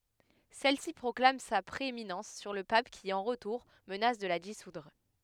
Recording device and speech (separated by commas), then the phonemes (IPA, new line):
headset microphone, read sentence
sɛlsi pʁɔklam sa pʁeeminɑ̃s syʁ lə pap ki ɑ̃ ʁətuʁ mənas də la disudʁ